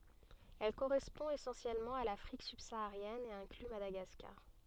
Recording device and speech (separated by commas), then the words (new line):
soft in-ear microphone, read sentence
Elle correspond essentiellement à l'Afrique subsaharienne et inclut Madagascar.